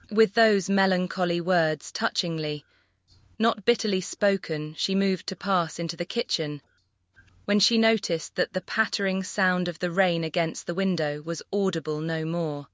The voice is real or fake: fake